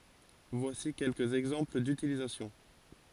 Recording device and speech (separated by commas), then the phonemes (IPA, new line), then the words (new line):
forehead accelerometer, read sentence
vwasi kɛlkəz ɛɡzɑ̃pl dytilizasjɔ̃
Voici quelques exemples d’utilisation.